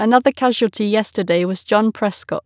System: none